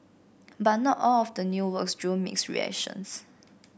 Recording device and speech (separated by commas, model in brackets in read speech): boundary microphone (BM630), read sentence